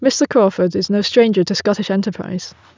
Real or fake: real